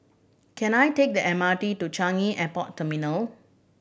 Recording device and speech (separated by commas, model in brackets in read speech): boundary microphone (BM630), read sentence